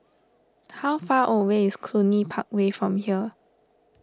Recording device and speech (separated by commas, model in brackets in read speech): standing microphone (AKG C214), read sentence